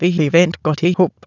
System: TTS, waveform concatenation